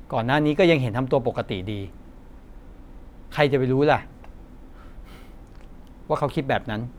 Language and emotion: Thai, frustrated